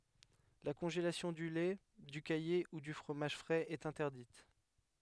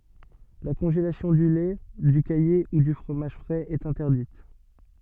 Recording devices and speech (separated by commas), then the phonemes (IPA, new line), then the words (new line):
headset microphone, soft in-ear microphone, read sentence
la kɔ̃ʒelasjɔ̃ dy lɛ dy kaje u dy fʁomaʒ fʁɛz ɛt ɛ̃tɛʁdit
La congélation du lait, du caillé ou du fromage frais est interdite.